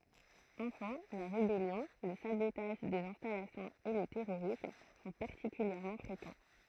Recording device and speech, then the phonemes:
throat microphone, read sentence
ɑ̃fɛ̃ la ʁebɛljɔ̃ lə sabotaʒ dez ɛ̃stalasjɔ̃z e lə tɛʁoʁism sɔ̃ paʁtikyljɛʁmɑ̃ fʁekɑ̃

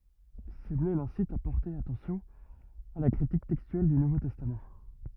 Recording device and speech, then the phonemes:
rigid in-ear microphone, read sentence
səmle lɛ̃sit a pɔʁte atɑ̃sjɔ̃ a la kʁitik tɛkstyɛl dy nuvo tɛstam

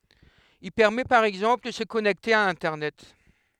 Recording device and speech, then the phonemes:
headset microphone, read sentence
il pɛʁmɛ paʁ ɛɡzɑ̃pl də sə kɔnɛkte a ɛ̃tɛʁnɛt

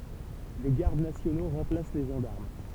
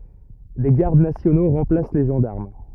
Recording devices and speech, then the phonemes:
temple vibration pickup, rigid in-ear microphone, read sentence
de ɡaʁd nasjono ʁɑ̃plas le ʒɑ̃daʁm

